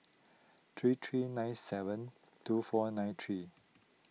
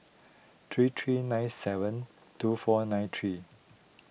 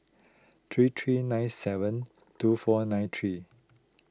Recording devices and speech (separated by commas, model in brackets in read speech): mobile phone (iPhone 6), boundary microphone (BM630), close-talking microphone (WH20), read sentence